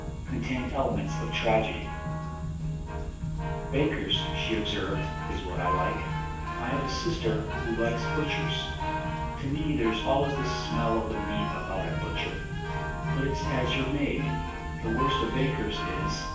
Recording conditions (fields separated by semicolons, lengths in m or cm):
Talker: one person; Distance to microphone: 9.8 m; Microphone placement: far; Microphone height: 1.8 m; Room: large; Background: music